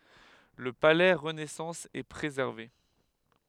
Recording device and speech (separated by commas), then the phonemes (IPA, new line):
headset microphone, read sentence
lə palɛ ʁənɛsɑ̃s ɛ pʁezɛʁve